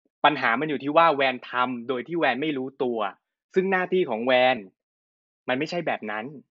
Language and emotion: Thai, frustrated